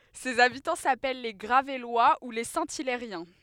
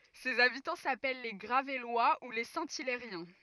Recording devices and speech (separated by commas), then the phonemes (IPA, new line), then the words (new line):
headset microphone, rigid in-ear microphone, read sentence
sez abitɑ̃ sapɛl le ɡʁavɛlwa u le sɛ̃ ilɛʁjɛ̃
Ses habitants s'appellent les Gravellois ou les Saint-Hilairiens.